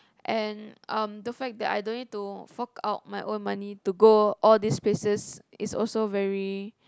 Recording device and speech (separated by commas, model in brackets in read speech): close-talking microphone, conversation in the same room